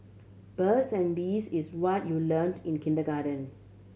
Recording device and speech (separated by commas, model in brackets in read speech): mobile phone (Samsung C7100), read sentence